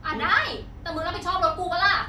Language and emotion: Thai, angry